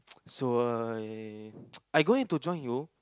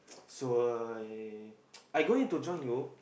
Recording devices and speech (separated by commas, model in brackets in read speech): close-talking microphone, boundary microphone, conversation in the same room